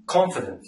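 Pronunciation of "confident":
In 'confident', the o is pronounced as an o sound and the e is almost silent.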